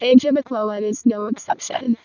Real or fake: fake